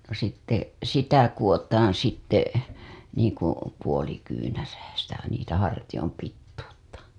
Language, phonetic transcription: Finnish, no sitte , "sitä 'koWotaan sitte , niiŋ ku , puoli kyynärää , sitä niitä hartijom 'pittuutta .
- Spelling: no sitten sitä kudotaan sitten niin kuin puoli kyynärää sitä niitä hartioiden pituutta

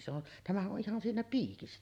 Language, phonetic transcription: Finnish, se ‿on , tämähä’ ’o ’ihan 'siinä "piikissä .
- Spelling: se on tämähän on ihan siinä piikissä

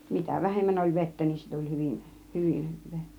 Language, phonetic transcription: Finnish, mitä "vähemmän oĺ 'vettä niin se tuĺ 'hyvin , "hyvin 'hyv̆vee .
- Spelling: mitä vähemmän oli vettä niin se tuli hyvin hyvin hyvää

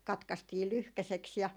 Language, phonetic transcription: Finnish, 'katkastii "lyhkäseks ja ,.
- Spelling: katkaistiin lyhkäiseksi ja

